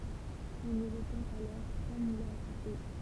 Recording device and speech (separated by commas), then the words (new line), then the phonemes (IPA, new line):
temple vibration pickup, read sentence
On y recense alors trois moulins à eau.
ɔ̃n i ʁəsɑ̃s alɔʁ tʁwa mulɛ̃z a o